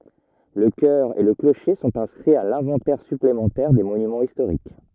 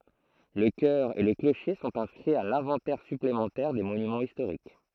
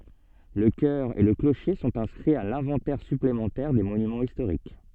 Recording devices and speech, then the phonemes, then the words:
rigid in-ear microphone, throat microphone, soft in-ear microphone, read sentence
lə kœʁ e lə kloʃe sɔ̃t ɛ̃skʁiz a lɛ̃vɑ̃tɛʁ syplemɑ̃tɛʁ de monymɑ̃z istoʁik
Le chœur et le clocher sont inscrits à l’Inventaire Supplémentaire des Monuments Historiques.

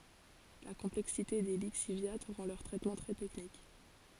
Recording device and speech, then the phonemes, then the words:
forehead accelerometer, read sentence
la kɔ̃plɛksite de liksivja ʁɑ̃ lœʁ tʁɛtmɑ̃ tʁɛ tɛknik
La complexité des lixiviats rend leur traitement très technique.

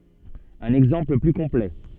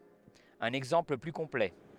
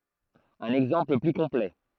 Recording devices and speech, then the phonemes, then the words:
soft in-ear microphone, headset microphone, throat microphone, read sentence
œ̃n ɛɡzɑ̃pl ply kɔ̃plɛ
Un exemple plus complet.

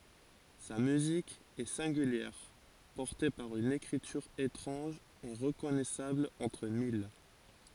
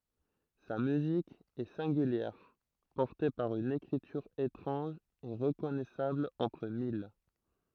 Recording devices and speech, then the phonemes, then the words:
forehead accelerometer, throat microphone, read sentence
sa myzik ɛ sɛ̃ɡyljɛʁ pɔʁte paʁ yn ekʁityʁ etʁɑ̃ʒ e ʁəkɔnɛsabl ɑ̃tʁ mil
Sa musique est singulière, portée par une écriture étrange et reconnaissable entre mille.

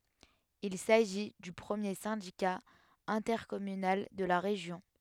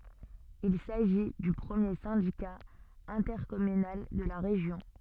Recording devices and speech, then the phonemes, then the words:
headset microphone, soft in-ear microphone, read sentence
il saʒi dy pʁəmje sɛ̃dika ɛ̃tɛʁkɔmynal də la ʁeʒjɔ̃
Il s'agit du premier syndicat intercommunal de la région.

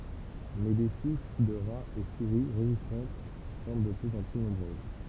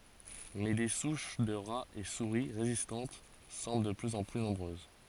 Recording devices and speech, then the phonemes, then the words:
temple vibration pickup, forehead accelerometer, read sentence
mɛ de suʃ də ʁaz e suʁi ʁezistɑ̃t sɑ̃bl də plyz ɑ̃ ply nɔ̃bʁøz
Mais des souches de rats et souris résistantes semblent de plus en plus nombreuses.

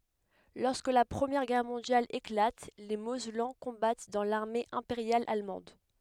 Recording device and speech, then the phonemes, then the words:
headset microphone, read sentence
lɔʁskə la pʁəmjɛʁ ɡɛʁ mɔ̃djal eklat le mozɛlɑ̃ kɔ̃bat dɑ̃ laʁme ɛ̃peʁjal almɑ̃d
Lorsque la Première Guerre mondiale éclate, les Mosellans combattent dans l'armée impériale allemande.

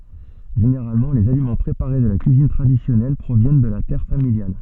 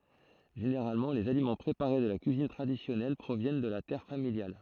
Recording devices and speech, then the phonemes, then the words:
soft in-ear microphone, throat microphone, read sentence
ʒeneʁalmɑ̃ lez alimɑ̃ pʁepaʁe də la kyizin tʁadisjɔnɛl pʁovjɛn də la tɛʁ familjal
Généralement, les aliments préparés de la cuisine traditionnelle proviennent de la terre familiale.

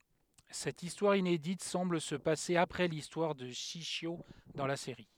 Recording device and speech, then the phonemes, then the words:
headset microphone, read sentence
sɛt istwaʁ inedit sɑ̃bl sə pase apʁɛ listwaʁ də ʃiʃjo dɑ̃ la seʁi
Cette histoire inédite semble se passer après l'histoire de Shishio dans la série.

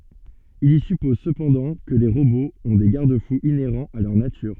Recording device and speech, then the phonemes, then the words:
soft in-ear microphone, read sentence
il i sypɔz səpɑ̃dɑ̃ kə le ʁoboz ɔ̃ de ɡaʁd fuz ineʁɑ̃z a lœʁ natyʁ
Il y suppose cependant que les robots ont des garde-fous inhérents à leur nature.

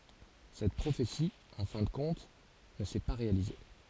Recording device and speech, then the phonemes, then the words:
forehead accelerometer, read sentence
sɛt pʁofeti ɑ̃ fɛ̃ də kɔ̃t nə sɛ pa ʁealize
Cette prophétie, en fin de compte, ne s’est pas réalisée.

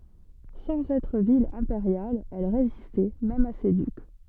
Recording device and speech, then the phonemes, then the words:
soft in-ear microphone, read sentence
sɑ̃z ɛtʁ vil ɛ̃peʁjal ɛl ʁezistɛ mɛm a se dyk
Sans être ville impériale, elle résistait même à ses ducs.

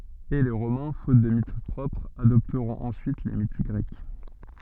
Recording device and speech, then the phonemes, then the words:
soft in-ear microphone, read sentence
e le ʁomɛ̃ fot də mit pʁɔpʁz adɔptʁɔ̃t ɑ̃syit le mit ɡʁɛk
Et les Romains, faute de mythes propres, adopteront ensuite les mythes grecs.

